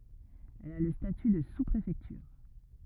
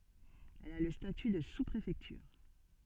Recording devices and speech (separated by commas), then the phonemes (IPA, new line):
rigid in-ear microphone, soft in-ear microphone, read sentence
ɛl a lə staty də suspʁefɛktyʁ